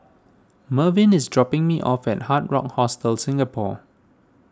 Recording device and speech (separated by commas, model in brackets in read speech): standing microphone (AKG C214), read sentence